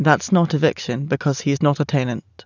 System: none